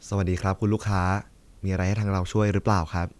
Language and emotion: Thai, neutral